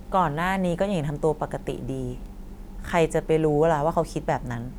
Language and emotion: Thai, neutral